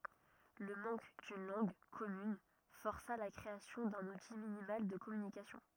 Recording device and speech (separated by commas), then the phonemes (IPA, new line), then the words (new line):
rigid in-ear microphone, read sentence
lə mɑ̃k dyn lɑ̃ɡ kɔmyn fɔʁsa la kʁeasjɔ̃ dœ̃n uti minimal də kɔmynikasjɔ̃
Le manque d'une langue commune força la création d'un outil minimal de communication.